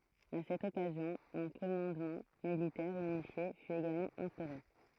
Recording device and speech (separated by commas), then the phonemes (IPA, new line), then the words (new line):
throat microphone, read sentence
a sɛt ɔkazjɔ̃ œ̃ kɔmɑ̃dmɑ̃ militɛʁ ynifje fy eɡalmɑ̃ ɛ̃stoʁe
À cette occasion, un commandement militaire unifié fut également instauré.